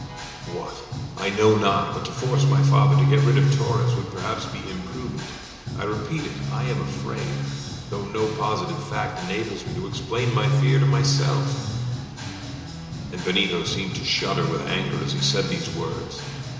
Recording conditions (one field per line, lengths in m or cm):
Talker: one person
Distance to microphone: 1.7 m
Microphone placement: close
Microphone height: 1.0 m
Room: very reverberant, large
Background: music